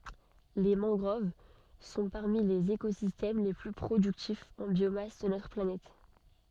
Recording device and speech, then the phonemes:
soft in-ear microphone, read sentence
le mɑ̃ɡʁov sɔ̃ paʁmi lez ekozistɛm le ply pʁodyktifz ɑ̃ bjomas də notʁ planɛt

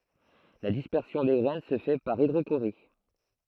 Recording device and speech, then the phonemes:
throat microphone, read sentence
la dispɛʁsjɔ̃ de ɡʁɛn sə fɛ paʁ idʁoʃoʁi

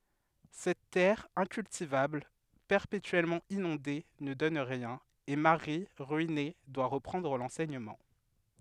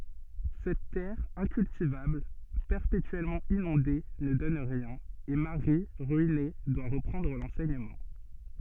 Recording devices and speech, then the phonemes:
headset microphone, soft in-ear microphone, read sentence
sɛt tɛʁ ɛ̃kyltivabl pɛʁpetyɛlmɑ̃ inɔ̃de nə dɔn ʁiɛ̃n e maʁi ʁyine dwa ʁəpʁɑ̃dʁ lɑ̃sɛɲəmɑ̃

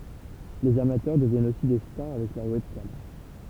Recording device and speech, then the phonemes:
temple vibration pickup, read sentence
lez amatœʁ dəvjɛnt osi de staʁ avɛk lœʁ wɛbkam

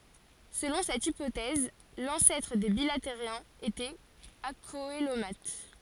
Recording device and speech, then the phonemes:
forehead accelerometer, read sentence
səlɔ̃ sɛt ipotɛz lɑ̃sɛtʁ de bilateʁjɛ̃z etɛt akoəlomat

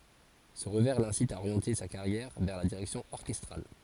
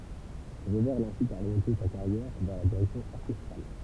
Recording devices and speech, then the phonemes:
forehead accelerometer, temple vibration pickup, read sentence
sə ʁəvɛʁ lɛ̃sit a oʁjɑ̃te sa kaʁjɛʁ vɛʁ la diʁɛksjɔ̃ ɔʁkɛstʁal

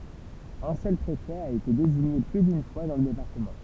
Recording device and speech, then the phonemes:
temple vibration pickup, read sentence
œ̃ sœl pʁefɛ a ete deziɲe ply dyn fwa dɑ̃ lə depaʁtəmɑ̃

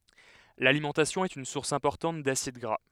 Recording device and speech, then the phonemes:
headset microphone, read sentence
lalimɑ̃tasjɔ̃ ɛt yn suʁs ɛ̃pɔʁtɑ̃t dasid ɡʁa

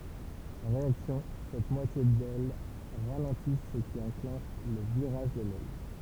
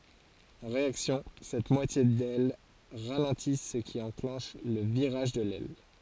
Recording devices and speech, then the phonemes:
temple vibration pickup, forehead accelerometer, read sentence
ɑ̃ ʁeaksjɔ̃ sɛt mwatje dɛl ʁalɑ̃ti sə ki ɑ̃klɑ̃ʃ lə viʁaʒ də lɛl

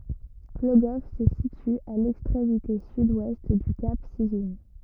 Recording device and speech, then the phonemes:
rigid in-ear microphone, read sentence
ploɡɔf sə sity a lɛkstʁemite syd wɛst dy kap sizœ̃

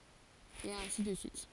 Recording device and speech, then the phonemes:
forehead accelerometer, read sentence
e ɛ̃si də syit

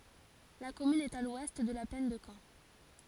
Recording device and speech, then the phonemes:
forehead accelerometer, read sentence
la kɔmyn ɛt a lwɛst də la plɛn də kɑ̃

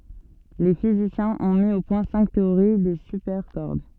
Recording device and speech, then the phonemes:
soft in-ear microphone, read sentence
le fizisjɛ̃z ɔ̃ mi o pwɛ̃ sɛ̃k teoʁi de sypɛʁkɔʁd

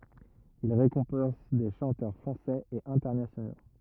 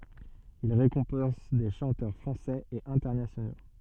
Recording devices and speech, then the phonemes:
rigid in-ear microphone, soft in-ear microphone, read sentence
il ʁekɔ̃pɑ̃s de ʃɑ̃tœʁ fʁɑ̃sɛz e ɛ̃tɛʁnasjono

